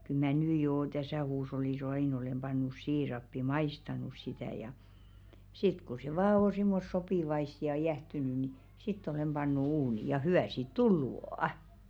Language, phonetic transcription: Finnish, kyl mä̀ "nyy joo 'täsä̀ huush̬ollis "aìn olem ʙannus 'siirappi "maistanus sitä̀ ja , 'sit ku se 'vaa on̬ simmos 'sopìvaist ja "jähtyny ni , 'sitt ‿ol̬em 'ʙannu uuni , ja 'hy₍ä̀ siit "tullu ò' .
- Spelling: kyllä minä nyt jo tässä huushollissa aina olen pannut siirappia maistanut sitä ja sitten kun se vain on semmoista sopivaista ja jäähtynyt niin sitten olen pannut uuniin ja hyvää siitä tullut on

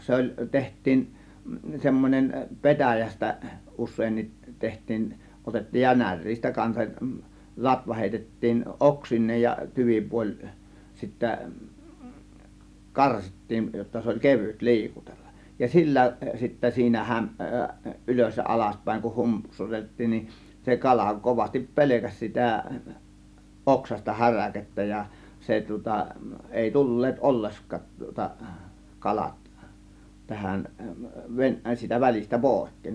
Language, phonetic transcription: Finnish, 'se oĺ , 'teht̆tiin , 'semmon͕em "petäjästä 'us̆seennit 'teht̆tiin , 'otettiij ja "näŕ̆riistä kansak , "latva hèitettiin "ˀoksin̆neej ja 'tyvipuoĺ , 'sittä , "karsittiin , jotta 'se oĺ "kevyt "li̬ikutellaˀ , ja "sillä sitte 'siinä häm- , "ˀylös ja "alaspä̀ėŋ kuh "hum- -psutettiin nin , se 'kala 'kovastip "pe̬lekäs sitä , "oksasta "häräkettä ja "se tŭŏta , "èi 'tul̀leet "ˀolleskat tŭŏta 'kalat , 'tähän ven- , siitä 'välistä "pòėk̀keen .
- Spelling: se oli tehtiin semmoinen petäjästä useinkin tehtiin otettiin ja näreistä kanssa latva heitettiin oksineen ja tyvipuoli sitten karsittiin jotta se oli kevyt liikutella ja sillä sitten siinä - ylös ja alaspäin kun - humpsutettiin niin se kala kovasti pelkäsi sitä oksaista häräkettä ja se tuota ei tulleet ollenkaan tuota kalat tähän - siitä välistä pois

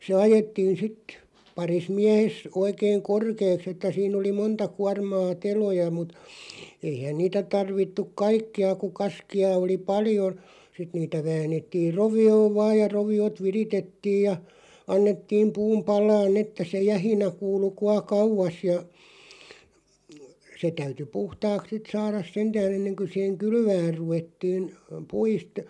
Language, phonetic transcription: Finnish, se 'ajettiin̬ 'sit , 'paris 'miähes , 'oikeiŋ "korkeeks ‿että 'siin ‿oli "monta 'kuarmaa 'teloja mut , 'eihän 'niitä 'tarvittuᵏ "kaikki₍a ku 'kaski₍a oli "pali₍o , 'sit niitä 'vään̆nettir 'rovi₍oov "vaaj ja 'rovi₍ot "viritettiij ja , 'annettiim 'puum "pal̀aan'n ‿että se "jähinä 'kuulu 'kua "kauv̆vas ja , se 'täyty "puhtaaks 'sit saaras "sentää'n̬ ‿enneŋkö sìheŋ "kylvääʳ 'ruvettiin , 'puist ,.
- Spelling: se ajettiin sitten parissa miehessä oikein korkeaksi että siinä oli monta kuormaa teloja mutta eihän niitä tarvittukaan kaikkia kun kaskia oli paljon sitten niitä väännettiin rovioon vain ja roviot viritettiin ja annettiin puun palaa että se jähinä kuului kuinka kauas ja se täytyi puhtaaksi sitten saada sentään ennen kuin siihen kylvämään ruvettiin puista

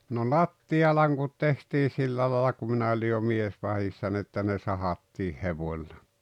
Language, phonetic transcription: Finnish, no "latti₍alaŋkut tehtii 'sillä laala ku 'minä oĺi jo 'miesvahissa n ‿että ne "sahattiih "hevoⁱlla .
- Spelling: no lattialankut tehtiin sillä lailla kun minä olin jo miesvahdissa niin että ne sahattiin hevoilla

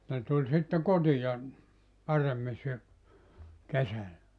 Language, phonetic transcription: Finnish, ne 'tuĺ sitte "kotija , 'paremmi sy- , 'kesällä .
- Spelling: ne tuli sitten kotiin paremmin - kesällä

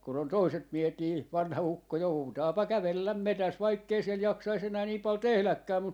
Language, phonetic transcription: Finnish, kun ‿on "toiset 'miehet nii , 'vanha 'ukko "joutaapa "kävelläm "metäs 'vaikkei siel 'jaksais 'enää 'nii pal 'tehläkkääm mu - ,.
- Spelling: kun on toiset miehet niin vanha ukko joutaapa kävellä metsässä vaikka ei siellä jaksaisi enää niin paljon tehdäkään -

